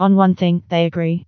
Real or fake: fake